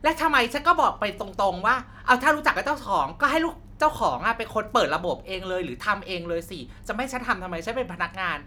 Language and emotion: Thai, angry